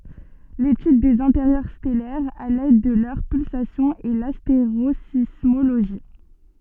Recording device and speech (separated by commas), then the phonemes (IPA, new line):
soft in-ear microphone, read sentence
letyd dez ɛ̃teʁjœʁ stɛlɛʁz a lɛd də lœʁ pylsasjɔ̃z ɛ lasteʁozismoloʒi